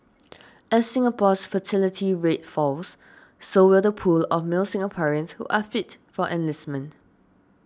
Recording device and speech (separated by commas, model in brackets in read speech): standing microphone (AKG C214), read sentence